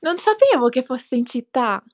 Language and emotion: Italian, surprised